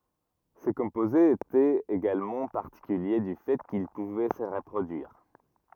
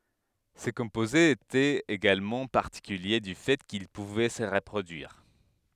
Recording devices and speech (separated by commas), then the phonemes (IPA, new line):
rigid in-ear microphone, headset microphone, read sentence
se kɔ̃pozez etɛt eɡalmɑ̃ paʁtikylje dy fɛ kil puvɛ sə ʁəpʁodyiʁ